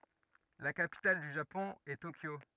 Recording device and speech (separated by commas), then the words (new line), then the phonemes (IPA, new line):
rigid in-ear microphone, read sentence
La capitale du Japon est Tokyo.
la kapital dy ʒapɔ̃ ɛ tokjo